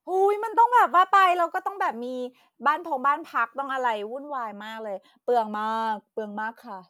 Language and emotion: Thai, happy